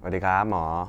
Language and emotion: Thai, neutral